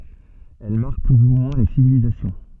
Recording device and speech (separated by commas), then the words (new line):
soft in-ear microphone, read sentence
Elles marquent plus ou moins les civilisations.